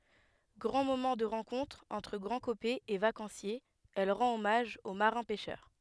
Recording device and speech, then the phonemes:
headset microphone, read sentence
ɡʁɑ̃ momɑ̃ də ʁɑ̃kɔ̃tʁ ɑ̃tʁ ɡʁɑ̃dkopɛz e vakɑ̃sjez ɛl ʁɑ̃t ɔmaʒ o maʁɛ̃ pɛʃœʁ

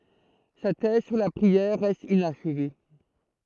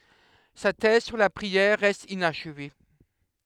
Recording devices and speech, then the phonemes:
throat microphone, headset microphone, read sentence
sa tɛz syʁ la pʁiɛʁ ʁɛst inaʃve

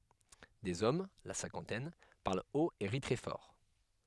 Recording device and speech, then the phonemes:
headset microphone, read sentence
dez ɔm la sɛ̃kɑ̃tɛn paʁl ot e ʁi tʁɛ fɔʁ

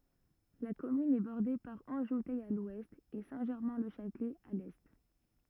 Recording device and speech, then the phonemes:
rigid in-ear microphone, read sentence
la kɔmyn ɛ bɔʁde paʁ ɑ̃ʒutɛ a lwɛst e sɛ̃tʒɛʁmɛ̃lɛʃatlɛ a lɛ

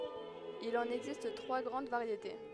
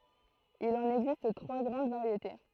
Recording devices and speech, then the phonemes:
headset microphone, throat microphone, read sentence
il ɑ̃n ɛɡzist tʁwa ɡʁɑ̃d vaʁjete

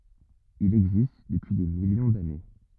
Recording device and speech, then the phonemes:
rigid in-ear microphone, read sentence
il ɛɡzist dəpyi de miljɔ̃ dane

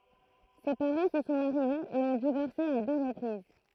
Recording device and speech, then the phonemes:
throat microphone, read sentence
se paʁɑ̃ sə sɔ̃ maʁjez e ɔ̃ divɔʁse a dø ʁəpʁiz

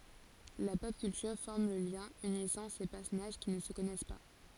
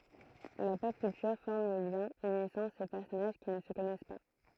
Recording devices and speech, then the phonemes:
forehead accelerometer, throat microphone, read sentence
la pɔp kyltyʁ fɔʁm lə ljɛ̃ ynisɑ̃ se pɛʁsɔnaʒ ki nə sə kɔnɛs pa

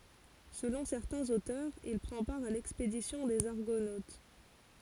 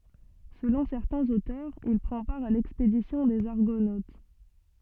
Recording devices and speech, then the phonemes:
forehead accelerometer, soft in-ear microphone, read sentence
səlɔ̃ sɛʁtɛ̃z otœʁz il pʁɑ̃ paʁ a lɛkspedisjɔ̃ dez aʁɡonot

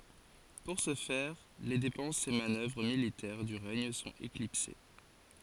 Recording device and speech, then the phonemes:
forehead accelerometer, read sentence
puʁ sə fɛʁ le depɑ̃sz e manœvʁ militɛʁ dy ʁɛɲ sɔ̃t eklipse

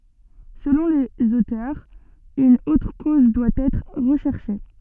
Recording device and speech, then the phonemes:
soft in-ear microphone, read sentence
səlɔ̃ lez otœʁz yn otʁ koz dwa ɛtʁ ʁəʃɛʁʃe

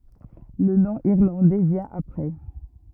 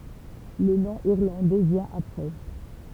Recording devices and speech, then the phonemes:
rigid in-ear microphone, temple vibration pickup, read sentence
lə nɔ̃ iʁlɑ̃dɛ vjɛ̃ apʁɛ

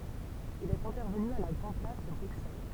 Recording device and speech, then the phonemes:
temple vibration pickup, read sentence
il ɛt ɛ̃tɛʁvəny a la ɡʁɑ̃ plas də bʁyksɛl

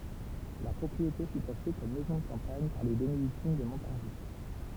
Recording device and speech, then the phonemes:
temple vibration pickup, read sentence
la pʁɔpʁiete fy aʃte kɔm mɛzɔ̃ də kɑ̃paɲ paʁ le benediktin də mɔ̃taʁʒi

